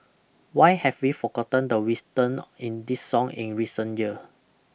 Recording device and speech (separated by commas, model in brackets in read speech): boundary microphone (BM630), read sentence